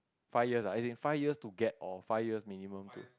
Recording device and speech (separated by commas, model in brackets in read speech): close-talking microphone, conversation in the same room